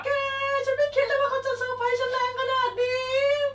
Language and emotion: Thai, happy